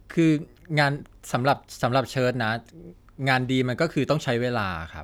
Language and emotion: Thai, frustrated